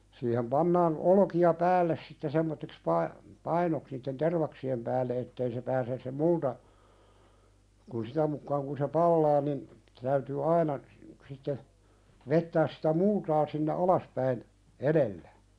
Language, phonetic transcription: Finnish, siihem 'pannaan , 'olᵒkia "päälles sitte semmottiks 'pai-'painoks niitten "tervaksi₍em päälle ettei se pääses se 'multa , kun 'sitä mukkaaŋ kun se "pallaa nin , täytyy "aina , sitte , 'vettääs sɪtä 'multaa sinne "alaspäin , "eðellä .
- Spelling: siihen pannaan olkia päälle sitten semmoiseksi painoksi niiden tervaksien päälle että ei se pääse se multa kun sitä mukaan kun se palaa niin täytyy aina sitten vetää sitä multaa sinne alaspäin edellä

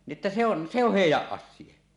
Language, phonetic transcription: Finnish, ni ˀᵉttä se ‿on , se ‿oh "hèij̆jäˀ 'ˀas̆sia « .
- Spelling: niin että se on se on heidän asia

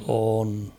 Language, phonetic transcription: Finnish, 'on .
- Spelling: on

